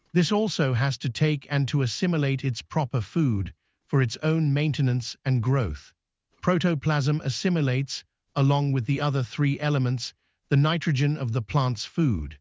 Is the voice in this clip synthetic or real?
synthetic